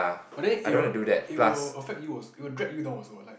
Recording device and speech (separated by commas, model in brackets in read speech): boundary microphone, conversation in the same room